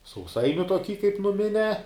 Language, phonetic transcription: Lithuanian, sauˈsainiu toˈky kap nuˈminiā

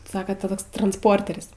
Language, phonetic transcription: Lithuanian, ˈsaka ta ˈtoks transˈporter's'

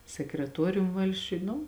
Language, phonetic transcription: Lithuanian, sekreˈtuorium ˈvalsčiuj ˈnu

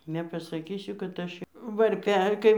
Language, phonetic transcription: Lithuanian, nepasaˈkysiu kad ˈaš varˈpe ˈkai

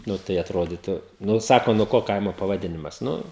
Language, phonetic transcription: Lithuanian, ˈnu tai atˈrodytu ˈnu ˈsako nuo ˈko ˈkaimo pavaˈdinimas ˈnu

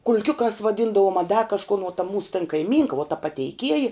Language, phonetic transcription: Lithuanian, kul'ˈkiukās vaˈdyndavom a da kažˈkun uo ta ˈmūsu tan kaiˈmynka vuo ta pateiˈkieji

